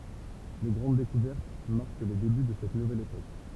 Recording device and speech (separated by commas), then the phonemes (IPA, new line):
temple vibration pickup, read sentence
le ɡʁɑ̃d dekuvɛʁt maʁk le deby də sɛt nuvɛl epok